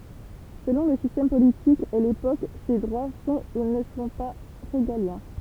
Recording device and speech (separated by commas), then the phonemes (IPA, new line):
temple vibration pickup, read sentence
səlɔ̃ lə sistɛm politik e lepok se dʁwa sɔ̃ u nə sɔ̃ pa ʁeɡaljɛ̃